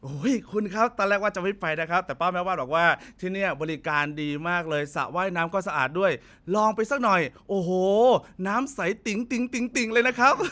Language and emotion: Thai, happy